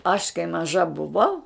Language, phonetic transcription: Lithuanian, aš kai maˈža buˈvau

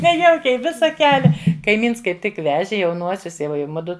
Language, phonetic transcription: Lithuanian, neˈjaukiai ˈvisa ˈkelia kaiˈmyns kaip ˈtik ˈveži jauˈnuosius i ˈva i ˈmudu

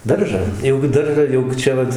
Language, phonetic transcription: Lithuanian, ˈdaržą jau gi ˈdaržą jau ˈčia vat

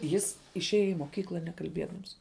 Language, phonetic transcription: Lithuanian, jis išˈėja i moˈkykla nekalˈbiedams

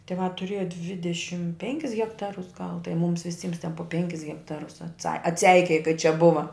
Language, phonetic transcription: Lithuanian, tiˈvā tuˈrieja ˈdvidešim ˈpenkis hekˈtarus gal tai ˈmums viˈsyms ten po ˈpenkis hekˈtarus atˈsa atˈseikėja kai čia ˈbuva

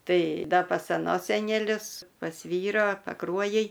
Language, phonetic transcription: Lithuanian, ˈtai ˈda pas aˈnos seneˈlius pas ˈvyro paˈkruojij

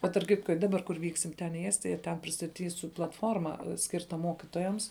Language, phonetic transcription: Lithuanian, ˈbet tarp ˈkitko i ˈdaˌbar kur ˈvyksim ten į ˈestija ˈten pristaˈtysiu platˈforma ˈskirta ˈmokitojams

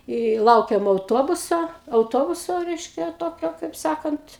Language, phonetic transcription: Lithuanian, i ˈlaukėm auˈtobuso auˈtobuso ˈreiškia ˈtokio kaip ˈsakant

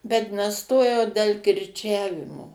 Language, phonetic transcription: Lithuanian, bet neˈstojau del kirˈčiavimo

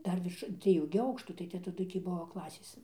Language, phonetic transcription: Lithuanian, ˈdar virš dzvieˈjų gi ˈaukštų tai ˈte taˈdu tį ˈbuo ˈklasės

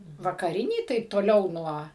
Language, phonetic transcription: Lithuanian, vakaˈrinį ˈtaip toˈliau ˈnuo

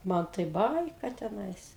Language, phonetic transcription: Lithuanian, ˈman tai ˈbaika teˈnais

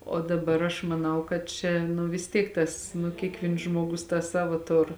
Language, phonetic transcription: Lithuanian, o daˈbar aš maˈnau kad ˈčia nu vis ˈtiek ˈtas nu ˈkiekˌvyns ˈžmogus tą ˈsavo ˈtur

